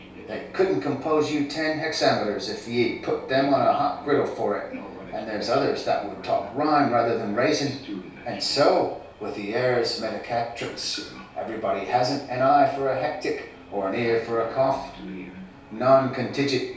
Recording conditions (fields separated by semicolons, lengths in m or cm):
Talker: one person; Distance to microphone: 3.0 m; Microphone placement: far; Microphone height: 1.8 m; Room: small (3.7 m by 2.7 m); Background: television